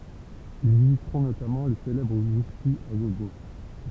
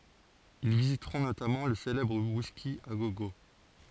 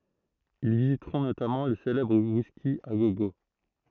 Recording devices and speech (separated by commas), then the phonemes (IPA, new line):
temple vibration pickup, forehead accelerometer, throat microphone, read sentence
il vizitʁɔ̃ notamɑ̃ lə selɛbʁ wiski a ɡo ɡo